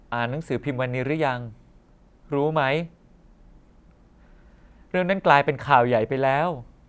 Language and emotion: Thai, frustrated